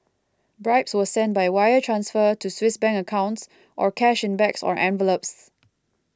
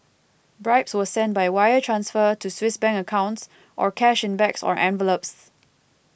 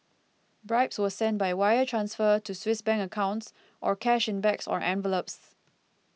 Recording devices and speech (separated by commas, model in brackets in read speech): close-talking microphone (WH20), boundary microphone (BM630), mobile phone (iPhone 6), read sentence